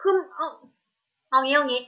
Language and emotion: Thai, frustrated